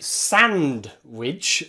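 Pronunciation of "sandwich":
'Sandwich' is said with the d in the middle pronounced, which is not how most people say it.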